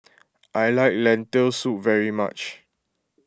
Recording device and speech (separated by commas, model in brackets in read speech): close-talking microphone (WH20), read sentence